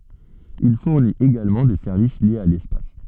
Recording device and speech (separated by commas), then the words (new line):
soft in-ear microphone, read sentence
Il fournit également des services liés à l’espace.